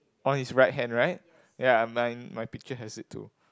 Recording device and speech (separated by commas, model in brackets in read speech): close-talking microphone, conversation in the same room